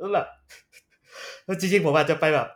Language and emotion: Thai, happy